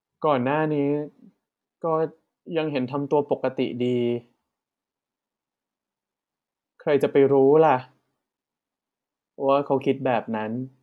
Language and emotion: Thai, sad